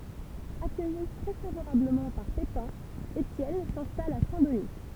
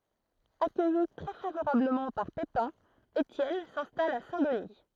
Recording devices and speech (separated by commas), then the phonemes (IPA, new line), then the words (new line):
temple vibration pickup, throat microphone, read sentence
akœji tʁɛ favoʁabləmɑ̃ paʁ pepɛ̃ etjɛn sɛ̃stal a sɛ̃ dəni
Accueilli très favorablement par Pépin, Étienne s'installe à Saint-Denis.